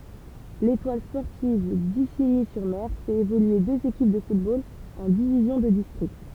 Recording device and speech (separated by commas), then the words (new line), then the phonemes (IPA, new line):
temple vibration pickup, read sentence
L'Étoile sportive d'Isigny-sur-Mer fait évoluer deux équipes de football en divisions de district.
letwal spɔʁtiv diziɲi syʁ mɛʁ fɛt evolye døz ekip də futbol ɑ̃ divizjɔ̃ də distʁikt